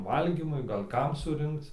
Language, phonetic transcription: Lithuanian, ˈvalgymui gal' ˈkam suˈrinkc

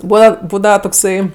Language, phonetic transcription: Lithuanian, ˈbūva ˈbūdava tokˈsai

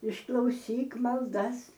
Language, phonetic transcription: Lithuanian, išklauˈsyk malˈdas

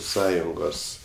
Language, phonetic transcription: Lithuanian, ˈsąjungos

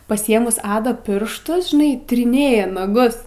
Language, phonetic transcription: Lithuanian, pasiˈėmus ˈada ˈpirštus žiˈnai tiriˈnėja naˈgus

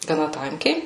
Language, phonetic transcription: Lithuanian, gaˈna ˈtankiai

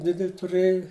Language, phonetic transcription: Lithuanian, ˈdidel' tuˈrɘju

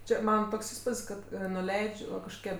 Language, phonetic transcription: Lithuanian, ˈčia ˈmana ˈtoks ˈįspud's' ˈkad nuˈleidž' va kažkoˈkie

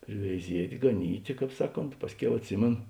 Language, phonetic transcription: Lithuanian, priveiˈziet' gaˈnytė ˈkāp ˈsaˌkont ˈpasˌkiau atˈsimėno

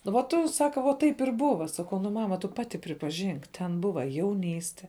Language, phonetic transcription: Lithuanian, nu va ˈtu ˈsaka vo ˈtaip ir ˈbuva ˈsakau nu ˈmama tu ˈpati pripaˈžink ten ˈbuva jauˈnyste

